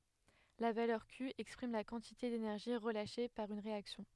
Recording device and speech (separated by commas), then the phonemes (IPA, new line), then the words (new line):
headset microphone, read sentence
la valœʁ ky ɛkspʁim la kɑ̃tite denɛʁʒi ʁəlaʃe paʁ yn ʁeaksjɔ̃
La valeur Q exprime la quantité d’énergie relâchée par une réaction.